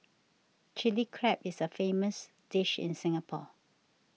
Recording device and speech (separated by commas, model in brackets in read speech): mobile phone (iPhone 6), read sentence